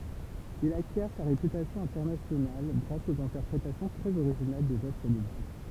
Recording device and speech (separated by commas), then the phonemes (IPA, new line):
temple vibration pickup, read sentence
il akjɛʁ sa ʁepytasjɔ̃ ɛ̃tɛʁnasjonal ɡʁas oz ɛ̃tɛʁpʁetasjɔ̃ tʁɛz oʁiʒinal dez œvʁ də bak